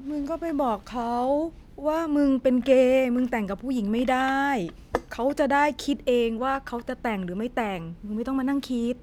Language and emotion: Thai, frustrated